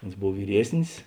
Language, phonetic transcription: Lithuanian, ˈons ˈbov vyˈriesnis

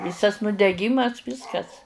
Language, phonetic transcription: Lithuanian, ˈvysas nudeˈgymas ˈvyskas

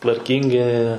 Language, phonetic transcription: Lithuanian, tvarˈkyngi

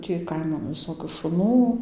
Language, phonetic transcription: Lithuanian, tį ˈkaiman viˈsokių šuˈnų

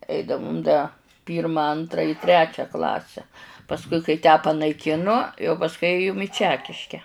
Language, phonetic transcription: Lithuanian, ˈeidavum da ˈpyrma ˈantra i ˈtrečią ˈklasę pasˈkui kai tę panaiˈkinu jau pasˈkui ˈėjum i ˈčekiške

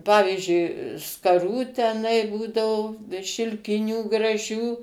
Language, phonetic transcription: Lithuanian, ˈpavyžiui skaˈrų teˈnai ˈbūdavo šilˈkinių graˈžių

